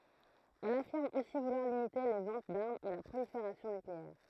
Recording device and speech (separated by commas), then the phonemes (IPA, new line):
throat microphone, read sentence
ɛl afiʁm osi vulwaʁ limite le vɑ̃t daʁmz e la pʁolifeʁasjɔ̃ nykleɛʁ